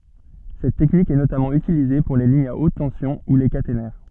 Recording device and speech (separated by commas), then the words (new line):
soft in-ear microphone, read sentence
Cette technique est notamment utilisée pour les lignes à haute tension ou les caténaires.